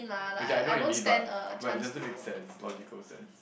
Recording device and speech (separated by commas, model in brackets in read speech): boundary microphone, conversation in the same room